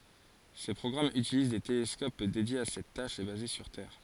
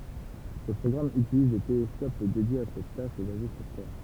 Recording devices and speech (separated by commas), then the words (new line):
forehead accelerometer, temple vibration pickup, read sentence
Ces programmes utilisent des télescopes dédiés à cette tâche et basés sur Terre.